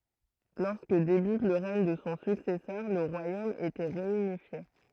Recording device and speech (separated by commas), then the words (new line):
throat microphone, read sentence
Lorsque débute le règne de son successeur le royaume était réunifié.